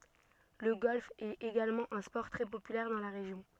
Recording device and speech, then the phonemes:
soft in-ear microphone, read sentence
lə ɡɔlf ɛt eɡalmɑ̃ œ̃ spɔʁ tʁɛ popylɛʁ dɑ̃ la ʁeʒjɔ̃

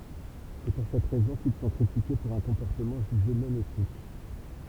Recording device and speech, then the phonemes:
temple vibration pickup, read sentence
sɛ puʁ sɛt ʁɛzɔ̃ kil sɔ̃ kʁitike puʁ œ̃ kɔ̃pɔʁtəmɑ̃ ʒyʒe nɔ̃ etik

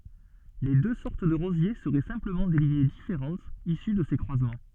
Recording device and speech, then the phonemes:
soft in-ear microphone, read sentence
le dø sɔʁt də ʁozje səʁɛ sɛ̃pləmɑ̃ de liɲe difeʁɑ̃tz isy də se kʁwazmɑ̃

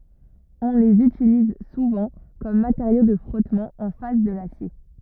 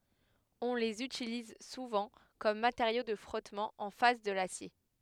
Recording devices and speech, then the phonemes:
rigid in-ear microphone, headset microphone, read sentence
ɔ̃ lez ytiliz suvɑ̃ kɔm mateʁjo də fʁɔtmɑ̃ ɑ̃ fas də lasje

